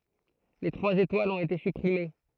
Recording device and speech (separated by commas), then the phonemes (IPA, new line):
throat microphone, read sentence
le tʁwaz etwalz ɔ̃t ete sypʁime